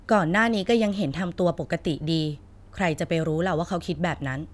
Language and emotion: Thai, frustrated